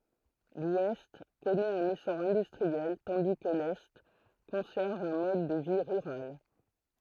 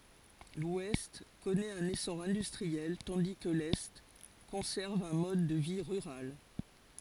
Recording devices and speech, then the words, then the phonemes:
throat microphone, forehead accelerometer, read sentence
L'Ouest connaît un essor industriel tandis que l'Est conserve un mode de vie rural.
lwɛst kɔnɛt œ̃n esɔʁ ɛ̃dystʁiɛl tɑ̃di kə lɛ kɔ̃sɛʁv œ̃ mɔd də vi ʁyʁal

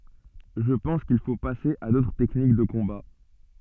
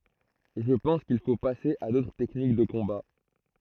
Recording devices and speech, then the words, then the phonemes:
soft in-ear microphone, throat microphone, read sentence
Je pense qu'il faut passer à d'autres techniques de combat.
ʒə pɑ̃s kil fo pase a dotʁ tɛknik də kɔ̃ba

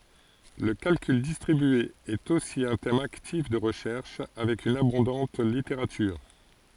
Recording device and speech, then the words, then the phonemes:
forehead accelerometer, read sentence
Le calcul distribué est aussi un thème actif de recherche, avec une abondante littérature.
lə kalkyl distʁibye ɛt osi œ̃ tɛm aktif də ʁəʃɛʁʃ avɛk yn abɔ̃dɑ̃t liteʁatyʁ

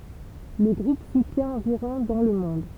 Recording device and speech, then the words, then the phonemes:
temple vibration pickup, read sentence
Le groupe soutient environ dans le monde.
lə ɡʁup sutjɛ̃ ɑ̃viʁɔ̃ dɑ̃ lə mɔ̃d

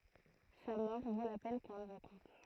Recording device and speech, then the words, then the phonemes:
throat microphone, read sentence
Sa mort vaut la peine qu'on la raconte.
sa mɔʁ vo la pɛn kɔ̃ la ʁakɔ̃t

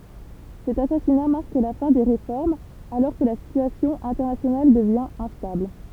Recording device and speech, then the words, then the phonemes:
temple vibration pickup, read sentence
Cet assassinat marque la fin des réformes, alors que la situation internationale devient instable.
sɛt asasina maʁk la fɛ̃ de ʁefɔʁmz alɔʁ kə la sityasjɔ̃ ɛ̃tɛʁnasjonal dəvjɛ̃ ɛ̃stabl

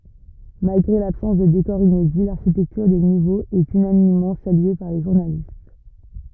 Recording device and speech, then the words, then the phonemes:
rigid in-ear microphone, read sentence
Malgré l'absence de décors inédits, l'architecture des niveaux est unanimement saluée par les journalistes.
malɡʁe labsɑ̃s də dekɔʁz inedi laʁʃitɛktyʁ de nivoz ɛt ynanimmɑ̃ salye paʁ le ʒuʁnalist

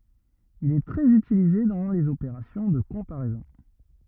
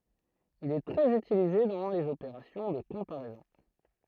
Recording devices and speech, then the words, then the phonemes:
rigid in-ear microphone, throat microphone, read sentence
Il est très utilisé dans les opérations de comparaisons.
il ɛ tʁɛz ytilize dɑ̃ lez opeʁasjɔ̃ də kɔ̃paʁɛzɔ̃

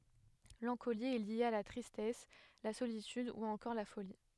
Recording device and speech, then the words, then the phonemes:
headset microphone, read sentence
L'ancolie est liée à la tristesse, la solitude ou encore la folie.
lɑ̃koli ɛ lje a la tʁistɛs la solityd u ɑ̃kɔʁ la foli

